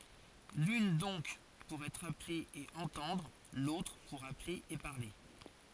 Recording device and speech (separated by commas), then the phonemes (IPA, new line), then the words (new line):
forehead accelerometer, read sentence
lyn dɔ̃k puʁ ɛtʁ aple e ɑ̃tɑ̃dʁ lotʁ puʁ aple e paʁle
L'une donc pour être appelé et entendre, l'autre pour appeler et parler.